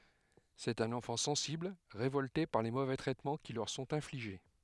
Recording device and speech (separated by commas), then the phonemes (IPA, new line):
headset microphone, read sentence
sɛt œ̃n ɑ̃fɑ̃ sɑ̃sibl ʁevɔlte paʁ le movɛ tʁɛtmɑ̃ ki lœʁ sɔ̃t ɛ̃fliʒe